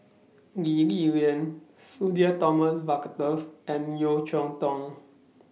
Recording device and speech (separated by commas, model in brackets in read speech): mobile phone (iPhone 6), read sentence